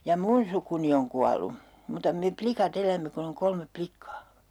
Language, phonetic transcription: Finnish, ja "mun sukuni oŋ 'kualu , muuta me "plika't ‿elämme kun ‿oŋ 'kolmep 'plikkaa .
- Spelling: ja minun sukuni on kuollut mutta me likat elämme kun on kolme likkaa

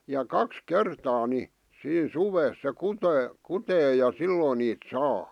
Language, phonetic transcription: Finnish, ja 'kaks 'kertaa ni , 'siin 'suvees se "kutee , 'kutee ja "sillòn niit "saa .
- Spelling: ja kaksi kertaa niin siinä suvessa se kutee kutee ja silloin niitä saa

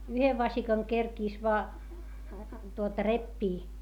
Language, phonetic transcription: Finnish, yhev vasikaŋ kerkìs voa , tuota reppii .
- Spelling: yhden vasikan kerkisi vain tuota repiä

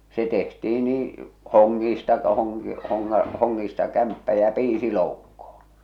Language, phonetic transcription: Finnish, se tehtii nii , 'hoŋŋiista , hoŋki- , hoŋŋa- , 'hoŋŋiista 'kämppä ja 'piisi loukkoh̬ᴏɴ .
- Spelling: se tehtiin niin hongista - - hongista kämppä ja piisi loukkoon

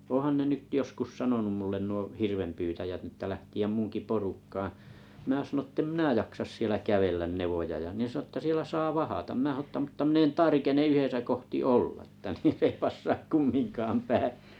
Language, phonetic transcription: Finnish, oo̰han 'ne 'nyt 'joskus 'sanonum mullen nuo 'hirvempyytäjät n ‿ᵊtä 'lähti₍äm 'munki porukkaaaa̰ , mⁱnä sanᵒn 'ettem "mⁱnä 'jaksas sielä "kävellän "nevoja ja ne sa₍o että 'sielä saa "vahatam mnä sᵃ₍om mutta min ‿en "tarkene 'yhesä kohti "olla että (s ‿ei) 'passaak "kummiŋkaam "päi .
- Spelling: onhan ne nyt joskus sanonut minulle nuo hirvenpyytäjät niin että lähteä minunkin porukkaan minä sanoin että en minä jaksa siellä kävellä nevoja ja ne sanoi että siellä saa vahdata minä sanoin mutta minä en tarkene yhdessä kohti olla että se ei passaa kumminkaan päin

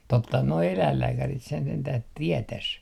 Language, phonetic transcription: Finnish, 'tottahan noi 'eläillääkärit sen sentäh "tietäs .
- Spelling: tottahan nuo eläinlääkärit sen sentään tietäisi

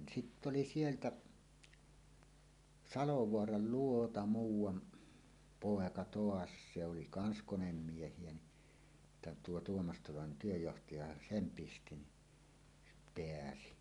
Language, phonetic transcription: Finnish, 'sitt ‿oli "sieltä , "Salovoaral 'luota "muuw̆wan , 'pòeka "toas se oli 'kans 'konemmieh̀ie ni , (sittä) 'tuo 'Tuomas Tolonen 'työjjohtaja "sem 'pisti ni , "peäsi .
- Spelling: sitten oli sieltä Salovaaran luota muuan poika taas se oli kanssa konemiehiä niin sitten tuo Tuomas Tolonen työnjohtaja sen pisti niin pääsi

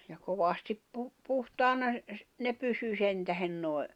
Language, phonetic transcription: Finnish, ja 'kovastip 'pu- , 'puhtaana , ne 'pysy 'sentähen noi̬ ,.
- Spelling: ja kovasti - puhtaana ne pysyi sen tähden nuo

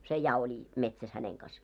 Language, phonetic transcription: Finnish, 'se 'ja oli , 'metsäs häneŋ kas .
- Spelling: se ja oli metsässä hänen kanssa

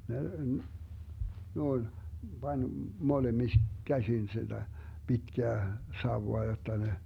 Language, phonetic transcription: Finnish, 'ne , noin , Bań , molemis- , käsin siDä , Bitkää , 'sauwoa jotta ne ,.
- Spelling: ne noin pani - käsin sitä pitkää sauvaa jotta ne

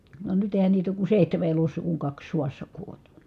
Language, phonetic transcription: Finnish, va nyt èi̮hän niit ‿ook ku sèihteme elos̆sa kuŋ kaks suassa kuoĺ .
- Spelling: vaan nyt eihän niitä ole kuin seitsemän elossa kun kaksi sodassa kuoli

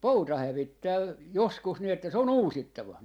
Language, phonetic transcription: Finnish, "pouta 'hävittää , 'joskus ni että se on "uusittava .
- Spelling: pouta hävittää joskus niin että se on uusittava

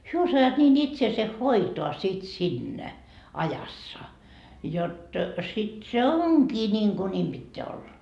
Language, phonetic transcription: Finnish, 'hyö osajaat niin 'itseese "hoitoa sit "sinnä , 'ajassa , jot , sit se "oŋkii niiŋku 'ńiim Bitteä 'olla .
- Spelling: he osaavat niin itsensä hoitaa sitten siinä ajassa jotta sitten se onkin niin kuin niin pitää olla

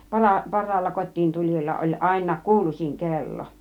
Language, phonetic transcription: Finnish, 'para- , "parraalla 'kottiintul͕ijalla oĺ àina "kuulus͕iŋ "kello .
- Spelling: - parhaalla kotiintulijalla oli aina kuuluisin kello

